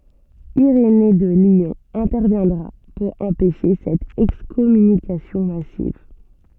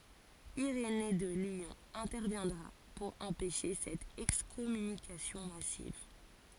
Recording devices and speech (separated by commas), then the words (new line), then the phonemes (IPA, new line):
soft in-ear microphone, forehead accelerometer, read sentence
Irénée de Lyon interviendra pour empêcher cette excommunication massive.
iʁene də ljɔ̃ ɛ̃tɛʁvjɛ̃dʁa puʁ ɑ̃pɛʃe sɛt ɛkskɔmynikasjɔ̃ masiv